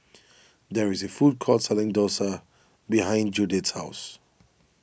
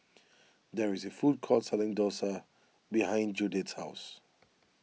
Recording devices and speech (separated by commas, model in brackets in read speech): boundary microphone (BM630), mobile phone (iPhone 6), read sentence